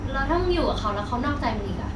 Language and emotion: Thai, frustrated